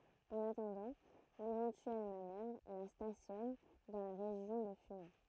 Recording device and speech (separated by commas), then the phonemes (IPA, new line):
throat microphone, read sentence
ɑ̃n atɑ̃dɑ̃ levɑ̃tyɛl manœvʁ la stasjɔn dɑ̃ la ʁeʒjɔ̃ də fymɛ